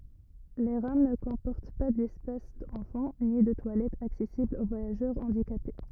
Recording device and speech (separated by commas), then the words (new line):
rigid in-ear microphone, read sentence
Les rames ne comportent pas d'espace enfants, ni de toilettes accessibles aux voyageurs handicapés.